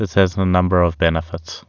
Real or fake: real